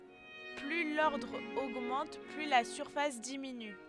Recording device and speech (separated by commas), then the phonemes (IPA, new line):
headset microphone, read sentence
ply lɔʁdʁ oɡmɑ̃t ply la syʁfas diminy